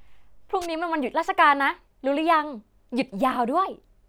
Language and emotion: Thai, happy